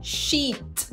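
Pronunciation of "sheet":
This is an incorrect pronunciation of 'shit' as 'sheet', with the vowel lengthened.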